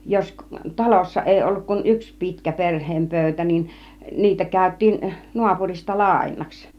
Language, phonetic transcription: Finnish, jos "talossa 'ˀèi 'olluk kun "yks 'pitkä "perh̆heem 'pö̬̀ytä niin , 'niitä kä̀yt̆tiin , 'nuapurista "làiǹaks .
- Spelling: jos talossa ei ollut kuin yksi pitkä perheen pöytä niin niitä käytiin naapurista lainaksi

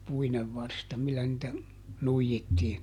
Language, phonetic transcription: Finnish, ˈpuinev ˈvarsta millä nⁱtä , ˈnuijittiin .
- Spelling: puinen varsta millä niitä nuijittiin

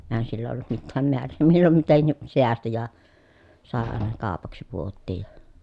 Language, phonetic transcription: Finnish, èhän sillä ollut mittääm meär̆rè , millom mitenni , seästi ja , sàe àena kaapaksi puottiij ja .
- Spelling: eihän sillä ollut mitään määrää milloin mitenkin säästi ja sai aina kaupaksi puotiin ja

